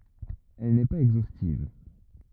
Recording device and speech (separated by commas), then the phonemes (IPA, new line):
rigid in-ear microphone, read sentence
ɛl nɛ paz ɛɡzostiv